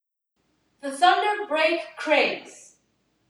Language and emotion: English, neutral